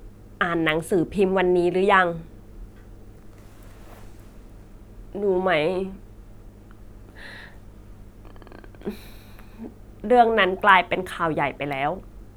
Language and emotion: Thai, frustrated